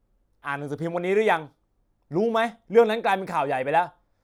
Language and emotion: Thai, frustrated